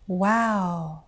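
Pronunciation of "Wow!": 'Wow!' expresses a bad surprise. It has a rise-fall intonation, with a quick, high rise before the fall.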